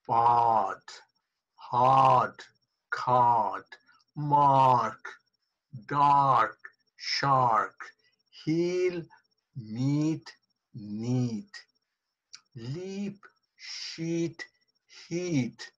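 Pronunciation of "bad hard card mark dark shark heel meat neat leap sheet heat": Each word in this list is said with a lengthened vowel.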